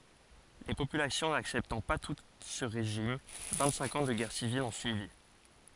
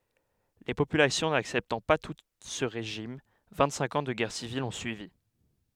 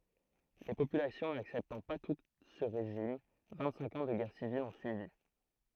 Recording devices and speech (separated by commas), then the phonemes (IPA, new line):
forehead accelerometer, headset microphone, throat microphone, read sentence
le popylasjɔ̃ naksɛptɑ̃ pa tut sə ʁeʒim vɛ̃tsɛ̃k ɑ̃ də ɡɛʁ sivil ɔ̃ syivi